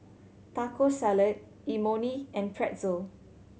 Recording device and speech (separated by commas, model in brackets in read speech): mobile phone (Samsung C7100), read sentence